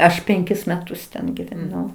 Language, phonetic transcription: Lithuanian, ˈaš penˈkis meˈtus ten giveˈnau

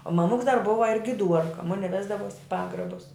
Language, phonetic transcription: Lithuanian, o maˈmuks dar ˈbuva ir giˈduorka ˈmuni ˈvesdavuos i ˈpagrabus

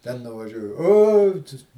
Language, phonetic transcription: Lithuanian, ten nuvaˈžiuoju ˈo tas

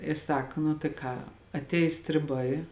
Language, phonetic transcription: Lithuanian, i ˈsak nu tai ˈką atˈeis striˈbai

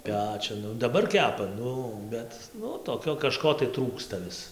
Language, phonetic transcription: Lithuanian, ˈpečiun daˈbar ˈkepa ˈnu ˈbet nu toˈkio kaˈžko tai ˈtrūksta ˈvis

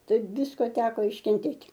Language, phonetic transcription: Lithuanian, taip ˈvisko ˈteko iškenˈtėt'

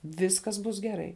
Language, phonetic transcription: Lithuanian, ˈviskas ˈbus geˈrai

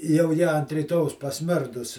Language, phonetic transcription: Lithuanian, jau ˈji ant ryˈtojaus pasˈmirdus

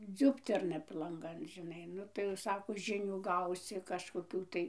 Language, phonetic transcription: Lithuanian, ˈdziubterna p lanˈgan žiˈnai ˈnu tai jau ˈsako ˈžinių ˈgausi kažkoˈkių tai

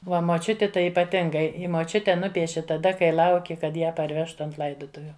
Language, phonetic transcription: Lithuanian, ˈva moˈčiuti ˈtai ipaˈtingai i moˈčiute ˈnupieši taˈda kai ˈlauki kad ˈją parˈvežtu ˈant ˈlaidutuviu

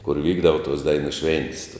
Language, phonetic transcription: Lithuanian, kur ˈvykdava tos ˈdainu ˈšventis

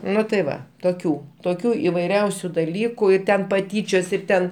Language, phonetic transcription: Lithuanian, ˈnu tai ˈva toˈkių toˈkių ivaiˈriausiu daˈlyku i ˈten paˈtyčios ir ˈten

